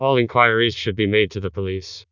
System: TTS, vocoder